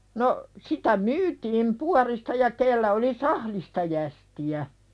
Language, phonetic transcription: Finnish, no , sitä 'myytiim "puarista ja 'kellä oli "sahlista jästi₍ä .
- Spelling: no sitä myytiin puodista ja kenellä oli sahdista jästiä

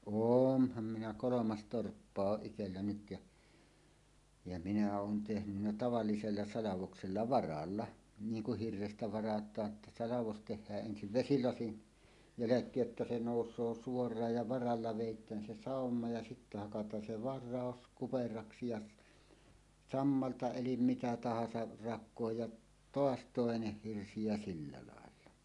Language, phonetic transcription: Finnish, oonham minä "kolomas "torppa 'oˀ 'ˀitellä nyt ja , ja minä oon tehnynnä 'tavallisella 'salavoksella "varalla , 'niiŋ kuh 'hirrestä 'varat̀aa ‿tta 'salavos 'teh̆hääˀ ˀensiv "vesilasin , "jäläk̀eej jotta se 'nòus̀oo 'suor̀aaj ja "varalla 'vèit̀ään se sàomma ja sittä hakat̀aan se "var̆ràos 'kuperaksi ja s- , "sammalta 'elim "mitä 'tahasa , 'rak̆kooj jaˀ , "toas "tòeneh 'hirsi ja 'sillä làella .
- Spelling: olenhan minä kolme torppaa on itsellä nyt ja ja minä olen tehnyt tavallisella salvoksella varalla niin kun hirrestä varataan jotta salvos tehdään ensin vesilasin jälkeen jotta se nousee suoraan ja varalla vedetään se sama ja sitten hakataan se vara kuperaksi ja - sammalta eli mitä tahansa rakoon ja taas toinen hirsi ja sillä lailla

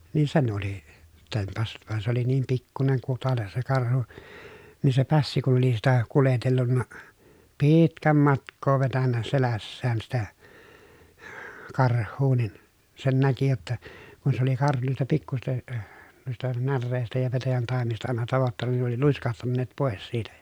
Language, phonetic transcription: Finnish, niin sen oli , tempassut , van se oli niim pikkuneŋ kutales se karhu , nii se pässi kun̬ ‿oli sitä , kuletellunna , piiitkäm matk̆koo vetännä selässään sitä , karh̆huu nin , sen näki jotta , kun se ‿oli karhu nuista pikkusista , nuista närrèistä ja petäjäntàemista àena tavottanna nin ne ‿oli luiskahtanneet pòes siitä ja .
- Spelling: niin sen oli tempaissut vaan se oli niin pikkuinen kutale se karhu niin se pässi kun oli sitä kuljetellut pitkän matkaa vetänyt selässään sitä karhua niin sen näki jotta kun se oli karhu noista pikkuisista noista näreistä ja petäjäntaimista aina tavoittanut niin ne oli luiskahtaneet pois siitä ja

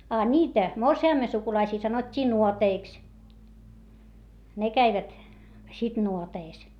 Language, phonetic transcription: Finnish, a ńiitä , morsi₍àmme sukulaisii sanot́t́ii nuoteiks , ne käivät , sit nuoteis .
- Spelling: a niitä morsiamen sukulaisia sanottiin nuoteiksi ne kävivät sitten nuoteissa

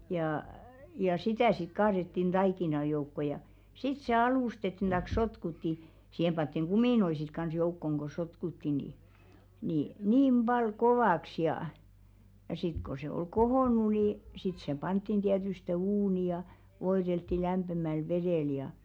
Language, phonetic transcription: Finnish, jà ja "sitä̀ sit 'kaaðettin "ᴅaikina joukko ja , 'sit se "alustettin ᴅaⁱk 'sotkutti , siihem 'panttiŋ "ɢumìnoi sit kans joukkoŋ ko 'sotkutti ni , ni 'niim 'ʙal "kovàks jà , ja sit ko se oi "kohòn̆nu ni , sit 'se 'panttin tiätyste "uuni ja , 'voiðeltti lämpemäl "veðèl ja .
- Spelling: ja ja sitä sitten kaadettiin taikinan joukkoon ja sitten se alustettiin tai sotkuttiin siihen pantiin kuminoita sitten kanssa joukkoon kun sotkuttiin niin niin niin paljon kovaksi ja ja sitten kun se oli kohonnut niin sitten se pantiin tietysti uuniin ja voideltiin lämpimällä vedellä ja

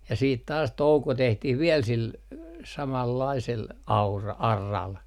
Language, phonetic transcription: Finnish, ja siit taas "touko 'tehtih viɛl sil , samallaisel , 'aura- , "arral .
- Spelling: ja sitten taas touko tehtiin vielä sillä samanlaisella - auralla

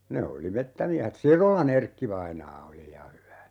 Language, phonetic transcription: Finnish, 'ne oli "mettämiähet "Sirola'n ‿Erkki-vainaa 'oli ja 'hyvä .
- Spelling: ne oli metsämiehet Sirolan Erkki-vainaa oli ja hyvä

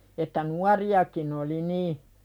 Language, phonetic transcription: Finnish, että "nuari₍akin ‿oli 'nii .
- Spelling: että nuoriakin oli niin

